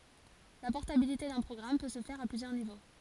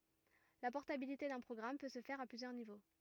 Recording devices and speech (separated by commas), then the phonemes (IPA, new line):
forehead accelerometer, rigid in-ear microphone, read sentence
la pɔʁtabilite dœ̃ pʁɔɡʁam pø sə fɛʁ a plyzjœʁ nivo